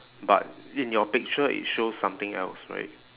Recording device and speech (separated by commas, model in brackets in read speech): telephone, conversation in separate rooms